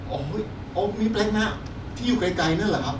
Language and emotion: Thai, happy